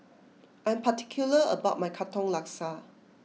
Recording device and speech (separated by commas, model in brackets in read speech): mobile phone (iPhone 6), read sentence